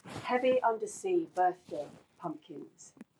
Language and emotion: English, happy